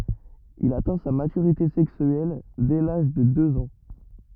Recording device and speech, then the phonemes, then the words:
rigid in-ear microphone, read sentence
il atɛ̃ sa matyʁite sɛksyɛl dɛ laʒ də døz ɑ̃
Il atteint sa maturité sexuelle dès l'âge de deux ans.

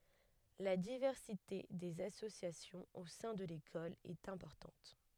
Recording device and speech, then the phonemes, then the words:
headset microphone, read sentence
la divɛʁsite dez asosjasjɔ̃z o sɛ̃ də lekɔl ɛt ɛ̃pɔʁtɑ̃t
La diversité des associations au sein de l'école est importante.

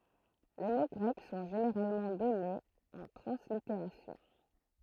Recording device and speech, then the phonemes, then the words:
throat microphone, read sentence
le mo ɡʁɛk sɔ̃ ʒeneʁalmɑ̃ dɔnez ɑ̃ tʁɑ̃sliteʁasjɔ̃
Les mots grecs sont généralement donnés en translittération.

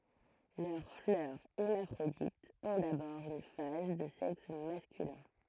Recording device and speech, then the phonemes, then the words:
throat microphone, read sentence
lœʁ flœʁ ɛʁmafʁoditz ɔ̃ dabɔʁ yn faz də sɛks maskylɛ̃
Leurs fleurs hermaphrodites ont d'abord une phase de sexe masculin.

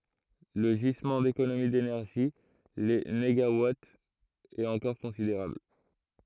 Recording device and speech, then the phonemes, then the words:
throat microphone, read sentence
lə ʒizmɑ̃ dekonomi denɛʁʒi le neɡawatz ɛt ɑ̃kɔʁ kɔ̃sideʁabl
Le gisement d'économies d'énergie — les négawatts — est encore considérable.

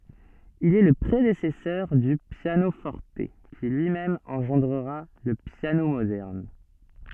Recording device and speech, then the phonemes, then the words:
soft in-ear microphone, read sentence
il ɛ lə pʁedesɛsœʁ dy pjanofɔʁt ki lyimɛm ɑ̃ʒɑ̃dʁa lə pjano modɛʁn
Il est le prédécesseur du piano-forte, qui lui-même engendra le piano moderne.

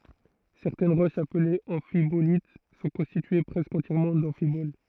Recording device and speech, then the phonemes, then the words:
throat microphone, read sentence
sɛʁtɛn ʁoʃz aplez ɑ̃fibolit sɔ̃ kɔ̃stitye pʁɛskə ɑ̃tjɛʁmɑ̃ dɑ̃fibol
Certaines roches appelées amphibolites sont constituées presque entièrement d'amphiboles.

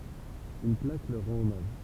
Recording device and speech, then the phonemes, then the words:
temple vibration pickup, read sentence
yn plak lœʁ ʁɑ̃t ɔmaʒ
Une plaque leur rend hommage.

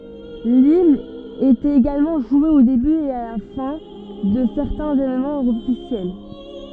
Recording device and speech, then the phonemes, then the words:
soft in-ear microphone, read sentence
limn etɛt eɡalmɑ̃ ʒwe o deby e la fɛ̃ də sɛʁtɛ̃z evenmɑ̃z ɔfisjɛl
L'hymne était également joué au début et la fin de certains événements officiels.

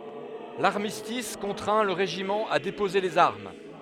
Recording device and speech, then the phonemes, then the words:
headset microphone, read sentence
laʁmistis kɔ̃tʁɛ̃ lə ʁeʒimɑ̃ a depoze lez aʁm
L'armistice contraint le régiment à déposer les armes.

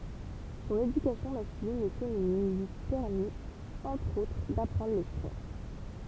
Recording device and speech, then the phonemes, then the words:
temple vibration pickup, read sentence
sɔ̃n edykasjɔ̃ maskylin e feminin lyi pɛʁmit ɑ̃tʁ otʁ dapʁɑ̃dʁ lɛskʁim
Son éducation masculine et féminine lui permit entre autres d'apprendre l'escrime.

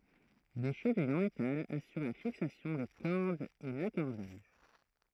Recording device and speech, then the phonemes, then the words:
throat microphone, read sentence
de ʃəvijz ɑ̃ metal asyʁ la fiksasjɔ̃ de kɔʁdz e lakɔʁdaʒ
Des chevilles en métal assurent la fixation des cordes et l'accordage.

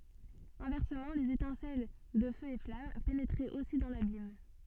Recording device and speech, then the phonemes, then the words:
soft in-ear microphone, read sentence
ɛ̃vɛʁsəmɑ̃ lez etɛ̃sɛl də føz e flam penetʁɛt osi dɑ̃ labim
Inversement les étincelles de feux et flammes pénétraient aussi dans l'abîme.

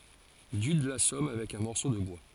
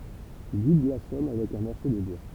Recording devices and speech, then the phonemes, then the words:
forehead accelerometer, temple vibration pickup, read sentence
dyd lasɔm avɛk œ̃ mɔʁso də bwa
Dude l'assomme avec un morceau de bois.

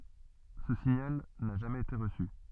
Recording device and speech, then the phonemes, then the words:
soft in-ear microphone, read sentence
sə siɲal na ʒamɛz ete ʁəsy
Ce signal n'a jamais été reçu.

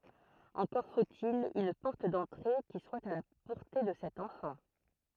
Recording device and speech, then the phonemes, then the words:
throat microphone, read sentence
ɑ̃kɔʁ fot il yn pɔʁt dɑ̃tʁe ki swa a la pɔʁte də sɛt ɑ̃fɑ̃
Encore faut-il une porte d’entrée qui soit à la portée de cet enfant.

